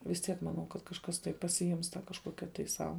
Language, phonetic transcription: Lithuanian, vis ˈtiek maˈnau kad kažˈkas tai pasiˈims tą kažˈkokia tai ˈsau

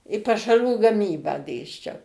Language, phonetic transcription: Lithuanian, i pašaˈrų gaˈmybą ˈdėsčiau

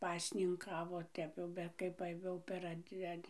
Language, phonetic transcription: Lithuanian, ˈpasninˌkavo ˈtep jau ˈbet kai ˈva jau per ˈad' ˈad'

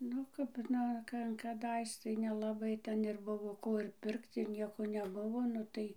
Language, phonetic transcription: Lithuanian, ˈnu kap ˈnu ˈka kaˈdais tai nelaˈbai ˈten ir ˈbuvo ˈko ir ˈpirkt ir ˈnieko neˈbuvo nu ˈtai

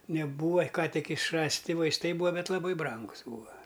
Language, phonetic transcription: Lithuanian, neˈbūa ˈką tik išˈrasˌti vaisˈtai ˈbūa ˈbet laˈbai ˈbrangus ˈbūa

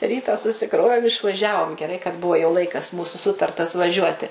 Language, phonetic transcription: Lithuanian, ˈrytą susiˈkrovėm išvaˈžiavom geˈrai kad ˈbuvo jau ˈlaikas ˈmūsu ˈsutartas vaˈžiuoti

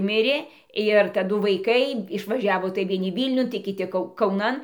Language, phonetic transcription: Lithuanian, ˈmirė ir taˈdu vaiˈkai išvaˈžiavo tai vieˈni ˈvylniun tai kiˈti ˈkau kauˈnan

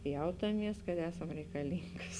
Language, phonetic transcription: Lithuanian, ˈjautaˌmies kad ˈesam reikaˈlyngas

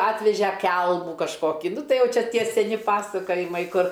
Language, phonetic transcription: Lithuanian, ˈatveže ˈkelmų kažˈkokį ˈnu ˈtai ˈjau ˈčia ˈtie seˈni ˈpasakojimai ˈkur

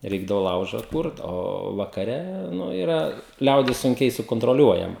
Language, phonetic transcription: Lithuanian, ˈreikdavo ˈlauža ˈkurt ˈo vakaˈre ˈnu iˈra ˈliaudis sunˈkiai sukontroˈliuojama

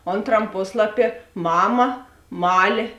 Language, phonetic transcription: Lithuanian, ˈonˌtram ˈposlaˌpie ˈmama ˈmalė

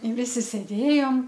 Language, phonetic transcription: Lithuanian, i ˈvisi sėˈdėjom

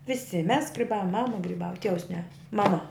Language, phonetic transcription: Lithuanian, viˈsi mes griˈbavom ˈmama griˈbava ˈtievus ne maˈma

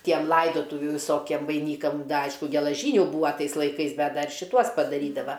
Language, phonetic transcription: Lithuanian, ˈtiem ˈlaidotuvių viˈsokiem vaiˈnykam ˈaišku gelaˈžyniu ˈbūva ˈtais laiˈkais ˈbet ˈdar šiˈtuos padaˈrydava

